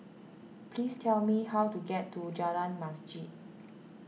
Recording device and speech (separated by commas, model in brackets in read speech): mobile phone (iPhone 6), read sentence